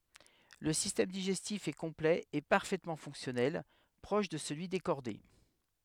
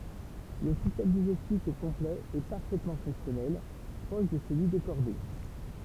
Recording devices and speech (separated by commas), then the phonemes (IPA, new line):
headset microphone, temple vibration pickup, read sentence
lə sistɛm diʒɛstif ɛ kɔ̃plɛ e paʁfɛtmɑ̃ fɔ̃ksjɔnɛl pʁɔʃ də səlyi de ʃɔʁde